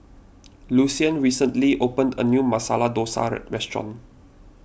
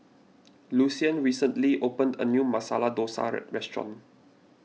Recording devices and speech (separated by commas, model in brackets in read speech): boundary microphone (BM630), mobile phone (iPhone 6), read sentence